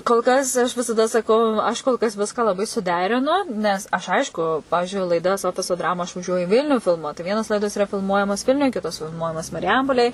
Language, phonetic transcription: Lithuanian, kol ˈkas aš visaˈda saˈkau ˈaš kol kas ˈviską laˈbai suˈderinu nes ˈaš ˈaišku ˈpavižiui laiˈdas ˈofiso ˈdramu aš vaˈžiuoju i ˈvilniu filˈmuot tai ˈvienos ˈlaidos iˈra filˈmuojamos ˈvilniuj ˈkitos filˈmuojamos mariˈjampolėj

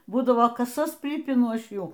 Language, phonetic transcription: Lithuanian, ˈbūdavo ˈkasas ˈprypinu ˈaš ˈjų

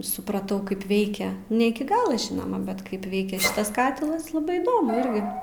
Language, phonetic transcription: Lithuanian, supraˈtau ˈkaip ˈveikia ne ˈiki ˈgalo ˈžinoma bet ˈkaip ˈveikia ˈšitas ˈkatilas laˈbai įˈdomu ˈirgi

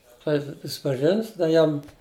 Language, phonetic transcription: Lithuanian, ˈklaipid ˈjis prisipaˈžins ˈda ˈjam

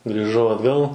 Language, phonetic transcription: Lithuanian, grįˈžau atˈgal

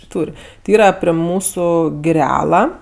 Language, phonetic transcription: Lithuanian, ˈtūr' ti ˈyrą pre ˈmūsu giˈrela

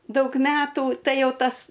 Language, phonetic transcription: Lithuanian, ˈdaug ˈmetų ˈtai ˈjau ˈtas

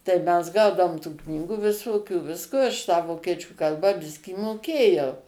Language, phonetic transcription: Lithuanian, tai ˈmes ˈgaudavom tų ˈknygų viˈsokių ˈvisko aš tą ˈvokiečių ˈkalbą ˈbiskį moˈkėjau

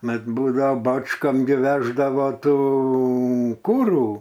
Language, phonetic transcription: Lithuanian, ˈmat ˈbūdao ˈbačkom gi ˈveždavo ˈtų ˈkūrų

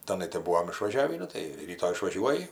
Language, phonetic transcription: Lithuanian, taˈnai tai ˈbūvom išvaˈžiavį ˈnu tai ˈryto išvaˈžiuoji

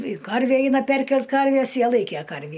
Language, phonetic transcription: Lithuanian, i ˈkarvie ˈeina ˈperkelt ˈkarvies ˈjie ˈlaikė ˈkarvį

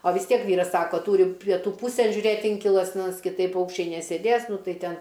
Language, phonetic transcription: Lithuanian, o vis ˈtiek ˈvyras ˈsako ˈtūri pieˈtų ˈpūsėn žiuˈrėt ˈinkilas nes kiˈtaip ˈpaukščiai nesėˈdės ˈnu ˈtai ˈten

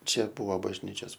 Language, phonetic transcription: Lithuanian, ˈčia ˈbuo bažˈnyčios

